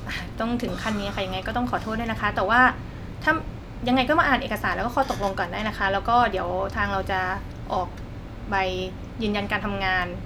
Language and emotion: Thai, frustrated